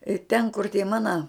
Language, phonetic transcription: Lithuanian, i ten kur tie ˈmana

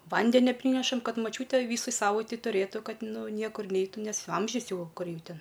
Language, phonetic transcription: Lithuanian, ˈvandenia ˈprynešam ˈkad maˈčiūtė ˈvysai ˈsavaitei tuˈrėtu ˈkad ˈnu ˈniekur ˈneitų nes ˈamžius ˈjau ˈkur ˈjau ˈten

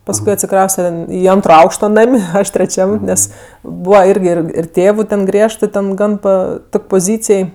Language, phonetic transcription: Lithuanian, pasˈkui atsiˈkrauste ˈį ˈantro ˈaukšto ˈnam' ˈaš treˈčiam ˈnes ˈbūva ˈirgi ˈir ir ˈtėvu ten ˈgriežtɜ ˈten ˈgan ˈpa ˈtok' poˈzycėj

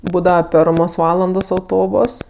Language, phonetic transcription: Lithuanian, ˈbūdava ˈpermos ˈvalandos auˈtobos

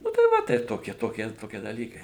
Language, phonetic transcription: Lithuanian, ˈnu tai ˈva taip ˈtokie ˈtokie ˈtokie daˈlykai

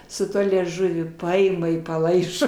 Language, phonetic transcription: Lithuanian, su ˈtuo lieˈžuviu ˈpaima i paˈlaižo

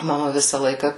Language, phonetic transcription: Lithuanian, maˈma ˈvisa ˈlaika

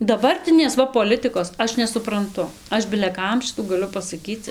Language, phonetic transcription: Lithuanian, daˈbartinės ˈva poˈlitɨkos ˈaš nesupranˈtu ˈaš bile ˈkam ˈšitų gaˈliu pasaˈkyc

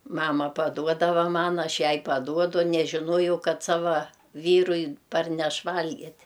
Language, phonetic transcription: Lithuanian, ˈmama paˈduodava ˈman ˈaš ˈjai paˈduodu nežiˈnuojau ˈkad ˈsava ˈvyrui ˈparneš ˈvalgit'

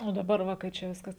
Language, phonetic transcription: Lithuanian, o daˈbar ˈva kai ˈčia ˈviskas

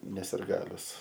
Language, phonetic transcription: Lithuanian, ne sirˈgalius

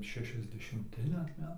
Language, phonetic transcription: Lithuanian, šešiasdešimˈti dar ˈmetai

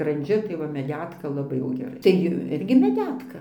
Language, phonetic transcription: Lithuanian, skranˈdžiu tai ˈva meˈdetka laˈbai jau geˈrai tai ˈirgi meˈdetka

